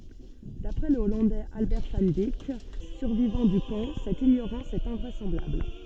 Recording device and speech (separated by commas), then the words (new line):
soft in-ear microphone, read sentence
D'après le Hollandais Albert van Dijk, survivant du camp, cette ignorance est invraisemblable.